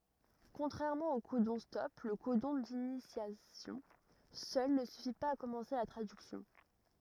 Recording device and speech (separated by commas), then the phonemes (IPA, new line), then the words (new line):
rigid in-ear microphone, read sentence
kɔ̃tʁɛʁmɑ̃ o kodɔ̃stɔp lə kodɔ̃ dinisjasjɔ̃ sœl nə syfi paz a kɔmɑ̃se la tʁadyksjɔ̃
Contrairement aux codons-stop, le codon d'initiation seul ne suffit pas à commencer la traduction.